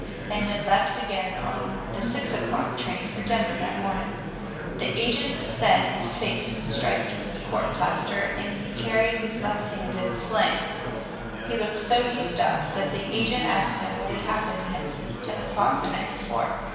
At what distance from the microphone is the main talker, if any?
1.7 m.